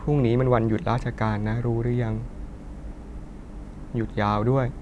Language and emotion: Thai, frustrated